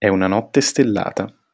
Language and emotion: Italian, neutral